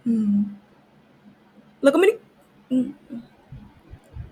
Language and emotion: Thai, frustrated